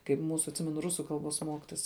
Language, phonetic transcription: Lithuanian, kaip ˈmūsu atˈsimenu ˈrusu ˈkalˌbos ˈmokitos

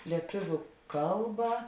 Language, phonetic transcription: Lithuanian, lieˈtuviu ˈkalba

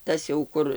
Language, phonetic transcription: Lithuanian, ˈtas jau ˈkur

